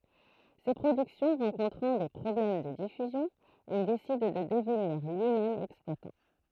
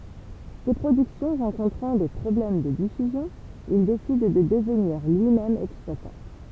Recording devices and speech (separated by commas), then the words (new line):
throat microphone, temple vibration pickup, read sentence
Ses productions rencontrant des problèmes de diffusion, il décide de devenir lui-même exploitant.